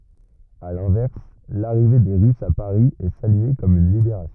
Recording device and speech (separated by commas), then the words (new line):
rigid in-ear microphone, read sentence
À l'inverse, l'arrivée des Russes à Paris est saluée comme une libération.